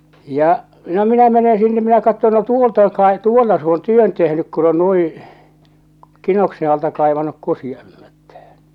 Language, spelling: Finnish, ja no minä menen sinne minä katson no tuolta on - tuolla se on työn tehnyt kun on niin kinoksen alta kaivanut kusiaismättään
- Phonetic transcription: 'ja , 'no 'minä 'mene 'sinne minä katton no "tuolt ‿oŋ kae- , "tuolla s ‿oon "työn tehnyk kun ‿on nuiḭ , "kinokse alta "kàevanuk 'kusiaᵉhmättähᴀ̈ɴ .

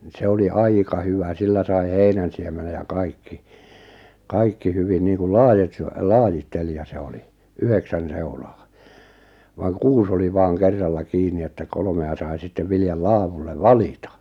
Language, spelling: Finnish, no se oli aika hyvä sillä sai heinänsiemenen ja kaikki kaikki hyvin niin kuin - se lajittelija se oli yhdeksän seulaa vaan kuusi oli vain kerralla kiinni että kolmea sai sitten viljan laadulle valita
- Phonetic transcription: ⁿⁱ 'se oli "aika 'hyvä 'sillä sai "heinänsiemenej ja 'kaikki , "kaikki 'hyvin niiŋkul 'laajit- se , "laajit'telija 'se oli , 'yheksän 'seulaa , vaaŋ "kuus ‿oli 'vaaŋ 'kerralla 'kiini että 'kolᵒme₍a sai sittev 'viljal "laavullev "valita .

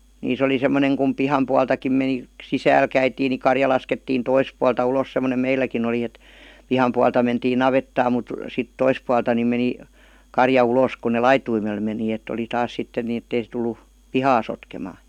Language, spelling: Finnish, niissä oli semmoinen kun pihan puoltakin meni sisälle käytiin niin karja laskettiin toista puolta ulos semmoinen meilläkin oli että pihan puolta mentiin navettaan mutta sitten toista puolta niin meni karja ulos kun ne laitumelle meni että oli taas sitten niin että ei se tullut pihaa sotkemaan
- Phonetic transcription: 'niis ‿oli semmoneŋ kum "piham pualtakim meni , "sisääl 'käitiin ni 'karja laskettiin 'tois pualta ulos sem̆monem 'meilläkin ‿oli et , 'piham pualta mentii "navettaam mut , 'sit "tois pualta ni meni , 'karja 'ulòs kun ne "laituimel meni et̆t ‿oli 'taas 'sitten ni ettei se tul̆lu , "pihaa sotkemaa .

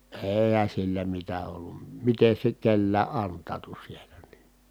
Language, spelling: Finnish, eihän sillä mitä ollut miten se nyt kenelläkin antautui siellä niin niin
- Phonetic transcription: eehän̬ sillä mitä ollum miten̬ se nyt kellää ʼant̆taatu sielä ni , NII .

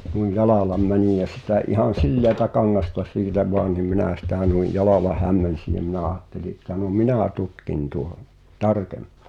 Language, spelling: Finnish, noin jalalla menin ja sitä ihan sileätä kangasta siitä vain niin minä sitä noin jalalla hämmensin ja minä ajattelin että no minä tutkin tuon tarkemmin
- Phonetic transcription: nui "jalàlam 'mänij ja sitä '’ihan̬ "silleätä 'kaŋŋasta 'siitä voan nim 'minä̀ sitä̀ nui "jalalah 'hämmen̬si jᵃ̈ minä 'aatteli ᵉttä no "minä̀ 'tutkin tuon , "tarkempᴀᴀ .

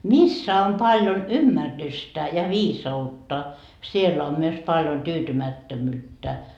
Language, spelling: Finnish, missä on paljon ymmärrystä ja viisautta siellä on myös paljon tyytymättömyyttä
- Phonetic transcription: "missä om paljon "ymmärrystä ja 'viisa₍utta , 'siellä om myös paljon 'tyytymättömyyttä . »

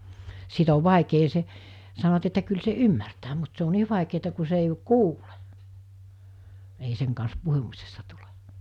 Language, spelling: Finnish, sitten on vaikea se sanovat että kyllä se ymmärtää mutta se on niin vaikeata kun se ei kuule ei sen kanssa puhumisesta tule
- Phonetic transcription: sit ‿ov 'vàekee se , sanovat että kyl se "ymmärtää mut se o 'nii vàikeeta ku se ei "kuule , ei seŋ kans 'puhumisesta tule .

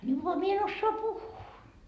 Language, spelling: Finnish, niin vaan minä en osaa puhua
- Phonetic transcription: ni voa 'mie en ossoa "puhhuu .

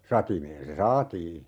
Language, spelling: Finnish, satimeen se saatiin
- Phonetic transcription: 'satimeen se "saatii .

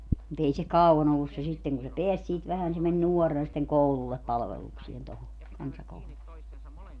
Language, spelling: Finnish, mutta ei se kauan ollut se sitten kun se pääsi siitä vähän niin se meni nuorena sitten koululle palvelukseen tuohon kansakoululle
- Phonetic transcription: mu't ‿ei se "kau₍an ‿ollus se 'sitteŋ kun se "peäs siit 'vähän ni se men "nuɔrrena sitteŋ "koulullep 'palveluksien toho , 'kansakoululle .

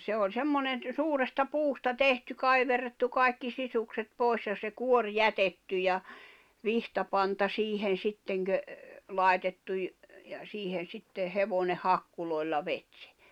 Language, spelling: Finnish, se oli semmoinen - suuresta puusta tehty kaiverrettu kaikki sisukset pois ja se kuorma jätetty ja vitsapanta siihen sitten - laitettu - ja siihen sitten hevonen hakkuloilla veti sen
- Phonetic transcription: se oĺ 'semmonen ‿t- , 'suuresta "puusta "tehty "kaiverrettu "kài̬kki 'sisukset 'pòes ja se 'kuor "jätetty ja , 'vihtapanta 'siihen̬ 'sitteŋ kö- , "làetettu ‿j- , ja 'siihen̬ 'sitte 'hevòneh̆ 'hakkulòilla 'vet sᴇ .

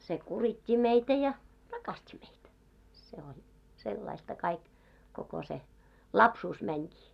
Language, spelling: Finnish, se kuritti meitä ja rakasti meitä se on sellaista kaikki koko se lapsuus menikin
- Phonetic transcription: se 'kurit́t́i meitä ja , "rakast́i meitä , se on , 'sellaista 'kaik , koko se , 'lapsuus mäńkii .

